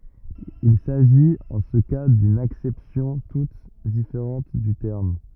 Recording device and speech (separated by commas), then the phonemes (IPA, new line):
rigid in-ear microphone, read sentence
il saʒit ɑ̃ sə ka dyn aksɛpsjɔ̃ tut difeʁɑ̃t dy tɛʁm